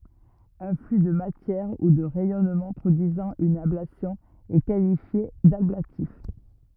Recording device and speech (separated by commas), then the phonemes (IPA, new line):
rigid in-ear microphone, read sentence
œ̃ fly də matjɛʁ u də ʁɛjɔnmɑ̃ pʁodyizɑ̃ yn ablasjɔ̃ ɛ kalifje dablatif